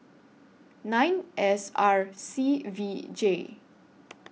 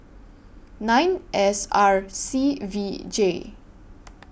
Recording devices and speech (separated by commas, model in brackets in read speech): mobile phone (iPhone 6), boundary microphone (BM630), read sentence